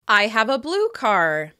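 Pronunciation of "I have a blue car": The main stress is on 'blue', which comes before the last word 'car'.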